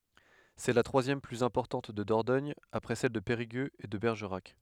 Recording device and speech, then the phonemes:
headset microphone, read sentence
sɛ la tʁwazjɛm plyz ɛ̃pɔʁtɑ̃t də dɔʁdɔɲ apʁɛ sɛl də peʁiɡøz e də bɛʁʒəʁak

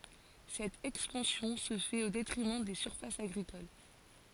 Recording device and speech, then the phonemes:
forehead accelerometer, read sentence
sɛt ɛkspɑ̃sjɔ̃ sə fɛt o detʁimɑ̃ de syʁfasz aɡʁikol

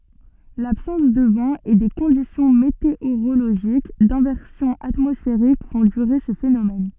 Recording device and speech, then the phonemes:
soft in-ear microphone, read sentence
labsɑ̃s də vɑ̃ e de kɔ̃disjɔ̃ meteoʁoloʒik dɛ̃vɛʁsjɔ̃ atmɔsfeʁik fɔ̃ dyʁe sə fenomɛn

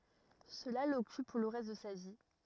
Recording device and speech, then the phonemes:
rigid in-ear microphone, read sentence
səla lɔkyp puʁ lə ʁɛst də sa vi

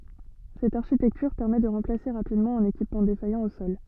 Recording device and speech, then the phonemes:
soft in-ear microphone, read sentence
sɛt aʁʃitɛktyʁ pɛʁmɛ də ʁɑ̃plase ʁapidmɑ̃ œ̃n ekipmɑ̃ defajɑ̃ o sɔl

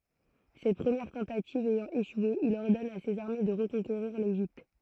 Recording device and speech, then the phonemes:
throat microphone, read sentence
sɛt pʁəmjɛʁ tɑ̃tativ ɛjɑ̃ eʃwe il ɔʁdɔn a sez aʁme də ʁəkɔ̃keʁiʁ leʒipt

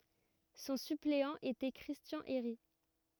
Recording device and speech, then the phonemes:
rigid in-ear microphone, read sentence
sɔ̃ sypleɑ̃ etɛ kʁistjɑ̃ eʁi

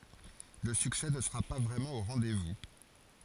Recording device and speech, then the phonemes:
forehead accelerometer, read sentence
lə syksɛ nə səʁa pa vʁɛmɑ̃ o ʁɑ̃dɛzvu

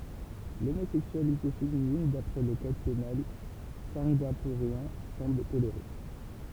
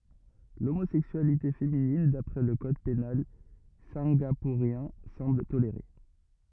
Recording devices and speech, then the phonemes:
temple vibration pickup, rigid in-ear microphone, read sentence
lomozɛksyalite feminin dapʁɛ lə kɔd penal sɛ̃ɡapuʁjɛ̃ sɑ̃bl toleʁe

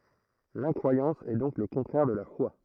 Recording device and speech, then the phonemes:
throat microphone, read sentence
lɛ̃kʁwajɑ̃s ɛ dɔ̃k lə kɔ̃tʁɛʁ də la fwa

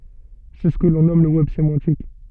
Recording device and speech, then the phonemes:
soft in-ear microphone, read sentence
sɛ sə kə lɔ̃ nɔm lə wɛb semɑ̃tik

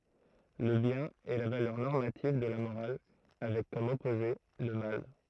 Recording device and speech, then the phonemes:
throat microphone, read sentence
lə bjɛ̃n ɛ la valœʁ nɔʁmativ də la moʁal avɛk kɔm ɔpoze lə mal

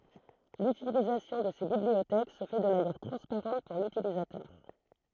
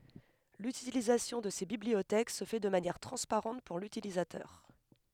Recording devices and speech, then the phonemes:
throat microphone, headset microphone, read sentence
lytilizasjɔ̃ də se bibliotɛk sə fɛ də manjɛʁ tʁɑ̃spaʁɑ̃t puʁ lytilizatœʁ

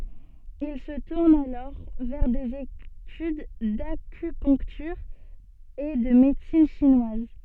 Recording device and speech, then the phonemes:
soft in-ear microphone, read sentence
il sə tuʁn alɔʁ vɛʁ dez etyd dakypœ̃ktyʁ e də medəsin ʃinwaz

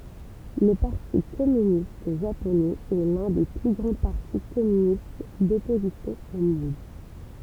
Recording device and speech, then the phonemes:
temple vibration pickup, read sentence
lə paʁti kɔmynist ʒaponɛz ɛ lœ̃ de ply ɡʁɑ̃ paʁti kɔmynist dɔpozisjɔ̃ o mɔ̃d

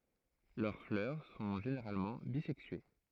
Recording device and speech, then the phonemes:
throat microphone, read sentence
lœʁ flœʁ sɔ̃ ʒeneʁalmɑ̃ bizɛksye

